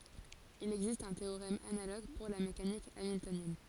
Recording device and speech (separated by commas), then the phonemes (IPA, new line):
forehead accelerometer, read sentence
il ɛɡzist œ̃ teoʁɛm analoɡ puʁ la mekanik amiltonjɛn